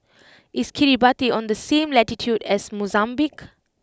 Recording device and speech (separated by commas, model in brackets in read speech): close-talking microphone (WH20), read sentence